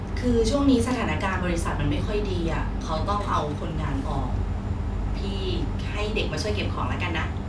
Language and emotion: Thai, neutral